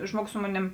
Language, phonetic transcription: Lithuanian, ˈžmuogus ˈsu moˌnėm

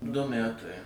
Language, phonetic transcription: Lithuanian, du ˈmætai

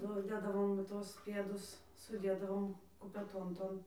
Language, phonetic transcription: Lithuanian, ˈnu ˈdėdavom ˈtuos ˈpėdus suˈdėdavom kupeˈton ˈton

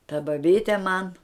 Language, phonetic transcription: Lithuanian, ta baˈbyte man

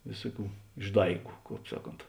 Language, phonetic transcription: Lithuanian, ˈvėsuˌkių išˈdaigu ˈkāp ˈsaˌkont

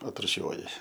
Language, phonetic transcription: Lithuanian, atruˈšiuoji

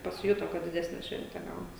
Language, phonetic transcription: Lithuanian, pasiˈjuto ˈkad diˈdesne ˈšvente ˈgaunas

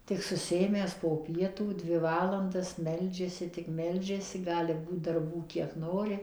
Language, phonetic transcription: Lithuanian, tik susiˈėmęs po ˈpietų ˈdvi ˈvalandas ˈmeldžiasi tik ˈmeldžiasi ˈgali ˈbūt darˈbų ˈkiek ˈnori

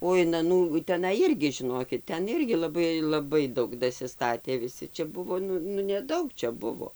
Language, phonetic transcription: Lithuanian, o in aˈnų teˈnai ˈirgi žiˈnokit ˈten ˈirgi laˈbai laˈbai ˈdaug dasiˈstatė viˈsi čia ˈbuvo ˈnu nu neˈdaug ˈčia ˈbuvo

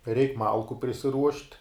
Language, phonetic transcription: Lithuanian, ˈreik ˈmalku prisiˈruošt'

